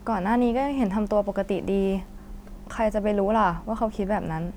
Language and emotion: Thai, frustrated